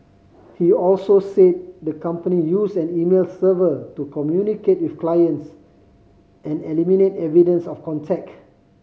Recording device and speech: mobile phone (Samsung C5010), read sentence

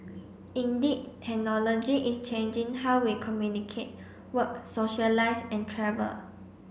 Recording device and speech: boundary microphone (BM630), read sentence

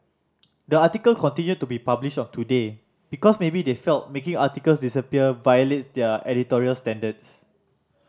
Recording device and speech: standing microphone (AKG C214), read sentence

